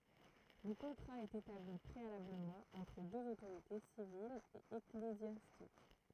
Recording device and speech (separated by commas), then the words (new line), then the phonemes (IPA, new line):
throat microphone, read sentence
Le contrat est établi préalablement entre deux autorités, civile et ecclésiastique.
lə kɔ̃tʁa ɛt etabli pʁealabləmɑ̃ ɑ̃tʁ døz otoʁite sivil e eklezjastik